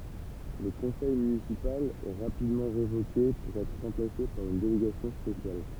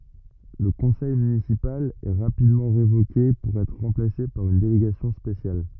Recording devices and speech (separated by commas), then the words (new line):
temple vibration pickup, rigid in-ear microphone, read sentence
Le conseil municipal est rapidement révoqué pour être remplacé par une délégation spéciale.